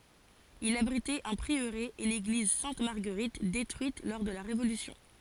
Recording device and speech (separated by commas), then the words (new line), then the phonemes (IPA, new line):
forehead accelerometer, read sentence
Il abritait un prieuré et l'église Sainte-Marguerite détruite lors de la Révolution.
il abʁitɛt œ̃ pʁiøʁe e leɡliz sɛ̃t maʁɡəʁit detʁyit lɔʁ də la ʁevolysjɔ̃